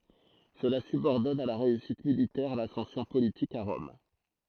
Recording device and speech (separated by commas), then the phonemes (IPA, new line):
throat microphone, read sentence
səla sybɔʁdɔn a la ʁeysit militɛʁ lasɑ̃sjɔ̃ politik a ʁɔm